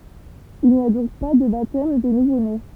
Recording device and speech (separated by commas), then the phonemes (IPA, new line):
temple vibration pickup, read sentence
il ni a dɔ̃k pa də batɛm de nuvone